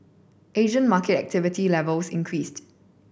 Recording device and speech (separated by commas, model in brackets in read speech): boundary microphone (BM630), read sentence